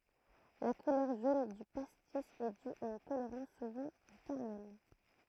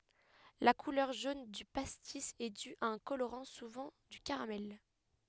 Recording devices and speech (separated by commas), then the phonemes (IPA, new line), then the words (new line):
throat microphone, headset microphone, read sentence
la kulœʁ ʒon dy pastis ɛ dy a œ̃ koloʁɑ̃ suvɑ̃ dy kaʁamɛl
La couleur jaune du pastis est due à un colorant, souvent du caramel.